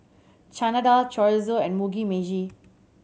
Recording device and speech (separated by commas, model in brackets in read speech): mobile phone (Samsung C7100), read sentence